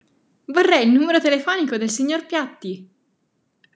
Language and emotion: Italian, happy